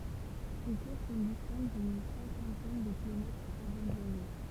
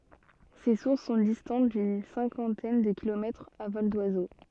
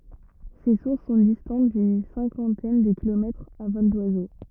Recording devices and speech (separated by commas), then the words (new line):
temple vibration pickup, soft in-ear microphone, rigid in-ear microphone, read sentence
Ces sources sont distantes d'une cinquantaine de kilomètres à vol d'oiseau.